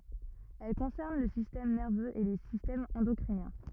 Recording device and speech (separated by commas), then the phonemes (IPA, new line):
rigid in-ear microphone, read sentence
ɛl kɔ̃sɛʁn lə sistɛm nɛʁvøz e le sistɛmz ɑ̃dɔkʁinjɛ̃